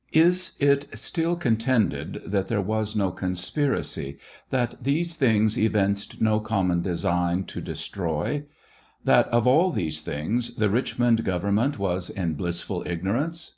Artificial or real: real